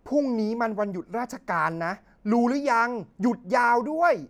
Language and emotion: Thai, frustrated